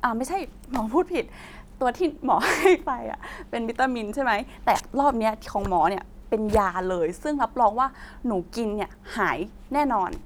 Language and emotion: Thai, happy